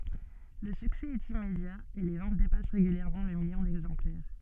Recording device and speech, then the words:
soft in-ear microphone, read sentence
Le succès est immédiat et les ventes dépassent régulièrement le million d'exemplaires.

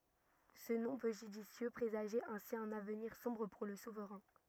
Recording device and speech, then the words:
rigid in-ear microphone, read sentence
Ce nom peu judicieux présageait ainsi un avenir sombre pour le souverain.

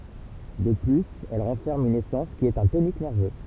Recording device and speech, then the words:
temple vibration pickup, read sentence
De plus elle renferme une essence qui est un tonique nerveux.

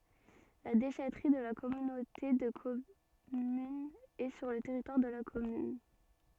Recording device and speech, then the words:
soft in-ear microphone, read sentence
La déchèterie de la communauté de commune est sur le territoire de la commune.

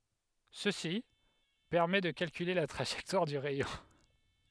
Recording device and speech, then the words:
headset microphone, read sentence
Ceci permet de calculer la trajectoire du rayon.

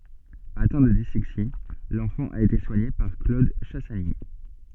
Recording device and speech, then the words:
soft in-ear microphone, read sentence
Atteint de dyslexie, l'enfant a été soigné par Claude Chassagny.

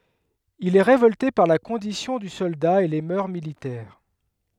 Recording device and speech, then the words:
headset microphone, read sentence
Il est révolté par la condition du soldat et les mœurs militaires.

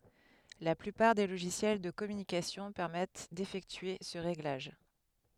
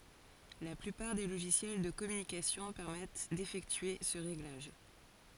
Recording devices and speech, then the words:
headset microphone, forehead accelerometer, read sentence
La plupart des logiciels de communication permettent d'effectuer ce réglage.

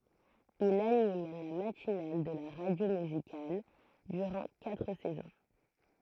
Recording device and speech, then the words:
throat microphone, read sentence
Il anime la matinale de la radio musicale durant quatre saisons.

